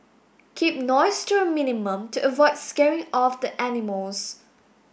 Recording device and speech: boundary microphone (BM630), read sentence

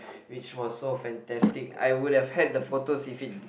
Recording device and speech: boundary microphone, conversation in the same room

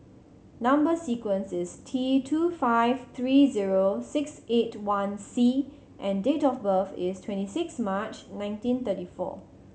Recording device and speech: mobile phone (Samsung C7100), read sentence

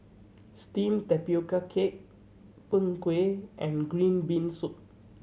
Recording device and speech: mobile phone (Samsung C7100), read sentence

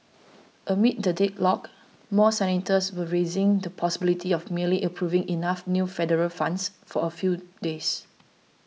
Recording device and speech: mobile phone (iPhone 6), read sentence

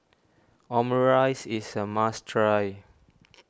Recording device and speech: standing microphone (AKG C214), read sentence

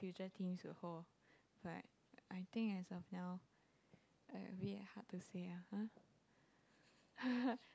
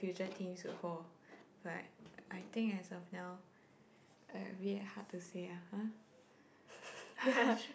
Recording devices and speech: close-talking microphone, boundary microphone, conversation in the same room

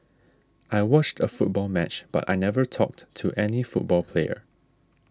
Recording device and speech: standing microphone (AKG C214), read sentence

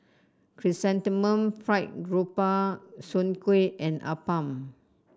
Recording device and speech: standing microphone (AKG C214), read sentence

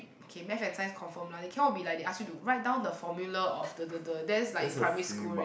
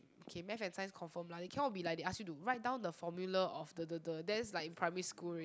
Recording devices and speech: boundary microphone, close-talking microphone, conversation in the same room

